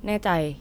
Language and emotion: Thai, neutral